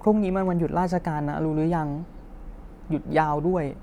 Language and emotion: Thai, sad